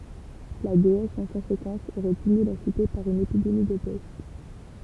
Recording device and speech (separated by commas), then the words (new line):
temple vibration pickup, read sentence
La déesse, en conséquence, aurait puni la Cité par une épidémie de peste.